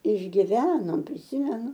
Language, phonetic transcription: Lithuanian, išgiˈvenom priˈsimenu

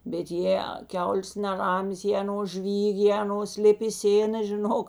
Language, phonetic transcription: Lithuanian, bet ˈjė ˈkiaulės neˈramės jė aˈnos ˈžvyg' jė aˈnos ˈlip i ˈsėna žiˈnok

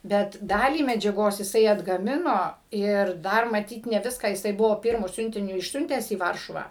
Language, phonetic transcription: Lithuanian, ˈbet ˈdalį medžiaˈgos jiˈsai atgaˈmino ir ˈdar maˈtyt ne ˈviską jiˈsai ˈbuvo ˈpirmu ˈsiuntiniu išˈsiuntęs į ˈvaršuvą

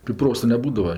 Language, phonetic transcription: Lithuanian, tai ˈprosa neˈbūdava

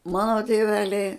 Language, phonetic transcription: Lithuanian, ˈmano tėˈveliai

